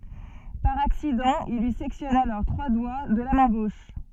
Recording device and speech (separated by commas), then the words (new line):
soft in-ear microphone, read sentence
Par accident, il lui sectionne alors trois doigts de la main gauche.